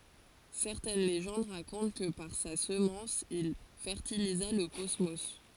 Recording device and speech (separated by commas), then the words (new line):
forehead accelerometer, read sentence
Certaines légendes racontent que par sa semence, il fertilisa le cosmos.